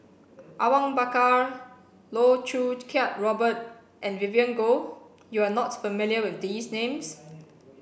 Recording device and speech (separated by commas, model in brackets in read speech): boundary microphone (BM630), read sentence